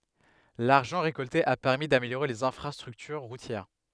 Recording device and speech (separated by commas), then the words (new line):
headset microphone, read sentence
L'argent récolté a permis d'améliorer les infrastructures routières.